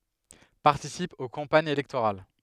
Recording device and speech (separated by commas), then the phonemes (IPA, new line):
headset microphone, read sentence
paʁtisip o kɑ̃paɲz elɛktoʁal